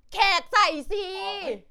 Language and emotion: Thai, happy